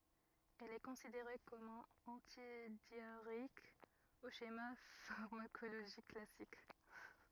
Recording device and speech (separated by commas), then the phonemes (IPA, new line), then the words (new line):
rigid in-ear microphone, read sentence
ɛl ɛ kɔ̃sideʁe kɔm œ̃n ɑ̃tidjaʁeik o ʃema faʁmakoloʒik klasik
Elle est considérée comme un antidiarrhéique au schéma pharmacologique classique.